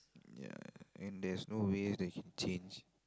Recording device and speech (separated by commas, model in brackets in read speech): close-talking microphone, conversation in the same room